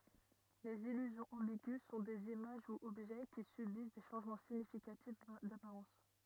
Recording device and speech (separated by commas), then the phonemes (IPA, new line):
rigid in-ear microphone, read sentence
lez ilyzjɔ̃z ɑ̃biɡy sɔ̃ dez imaʒ u ɔbʒɛ ki sybis de ʃɑ̃ʒmɑ̃ siɲifikatif dapaʁɑ̃s